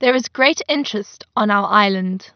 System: none